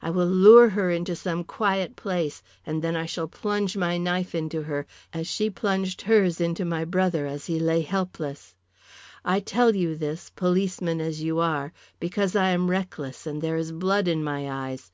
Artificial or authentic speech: authentic